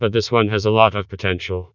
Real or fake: fake